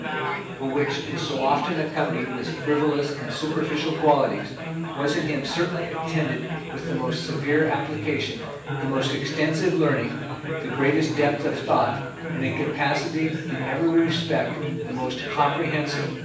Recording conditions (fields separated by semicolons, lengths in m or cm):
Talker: one person; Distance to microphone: 9.8 m; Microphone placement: far; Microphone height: 1.8 m; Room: large; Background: babble